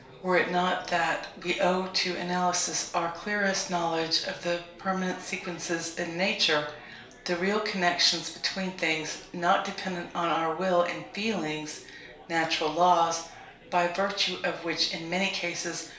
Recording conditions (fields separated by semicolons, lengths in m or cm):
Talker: one person; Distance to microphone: 1.0 m; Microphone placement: close; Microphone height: 1.1 m; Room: small (3.7 m by 2.7 m); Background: babble